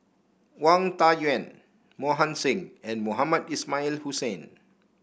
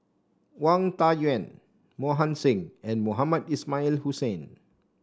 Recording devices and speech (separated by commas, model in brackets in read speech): boundary microphone (BM630), standing microphone (AKG C214), read sentence